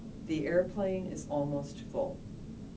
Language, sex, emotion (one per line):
English
female
neutral